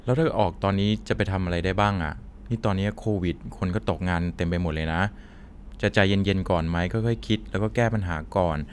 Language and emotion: Thai, neutral